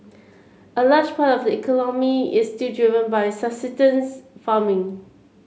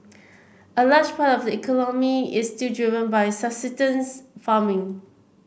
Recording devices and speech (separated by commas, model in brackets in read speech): mobile phone (Samsung C7), boundary microphone (BM630), read sentence